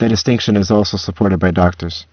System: VC, spectral filtering